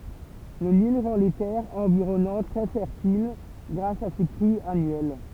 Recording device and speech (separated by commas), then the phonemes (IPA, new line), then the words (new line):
temple vibration pickup, read sentence
lə nil ʁɑ̃ le tɛʁz ɑ̃viʁɔnɑ̃t tʁɛ fɛʁtil ɡʁas a se kʁyz anyɛl
Le Nil rend les terres environnantes très fertiles grâce à ses crues annuelles.